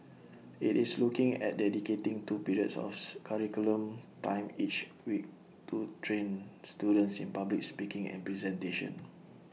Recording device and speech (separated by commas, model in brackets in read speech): mobile phone (iPhone 6), read sentence